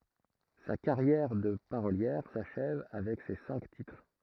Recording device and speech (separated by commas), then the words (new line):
throat microphone, read sentence
Sa carrière de parolière s'achève avec ces cinq titres.